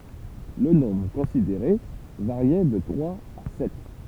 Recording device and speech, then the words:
temple vibration pickup, read sentence
Le nombre considéré variait de trois à sept.

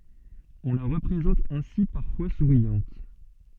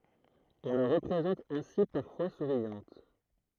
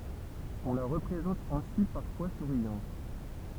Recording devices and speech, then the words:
soft in-ear microphone, throat microphone, temple vibration pickup, read sentence
On la représente ainsi parfois souriante.

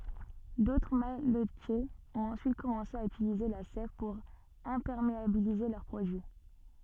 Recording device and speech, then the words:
soft in-ear microphone, read sentence
D'autres malletiers ont ensuite commencé à utiliser la sève pour imperméabiliser leurs produits.

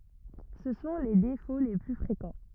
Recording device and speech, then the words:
rigid in-ear microphone, read sentence
Ce sont les défauts les plus fréquents.

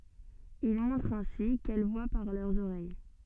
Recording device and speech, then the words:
soft in-ear microphone, read sentence
Il montre ainsi qu'elles voient par leurs oreilles.

